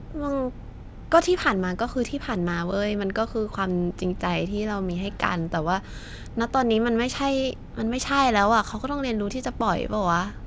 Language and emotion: Thai, frustrated